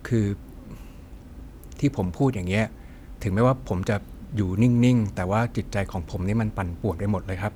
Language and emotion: Thai, frustrated